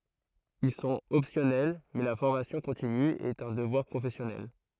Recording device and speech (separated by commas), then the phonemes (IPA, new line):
throat microphone, read sentence
il sɔ̃t ɔpsjɔnɛl mɛ la fɔʁmasjɔ̃ kɔ̃tiny ɛt œ̃ dəvwaʁ pʁofɛsjɔnɛl